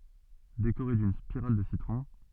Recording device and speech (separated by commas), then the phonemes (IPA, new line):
soft in-ear microphone, read sentence
dekoʁe dyn spiʁal də sitʁɔ̃